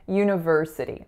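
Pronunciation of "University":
In 'university', the second syllable is an n with a schwa, the third syllable 'ver' is the strongest, and the final syllable has a flap.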